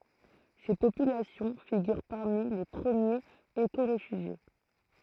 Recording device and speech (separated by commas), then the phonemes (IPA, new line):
throat microphone, read sentence
se popylasjɔ̃ fiɡyʁ paʁmi le pʁəmjez ekoʁefyʒje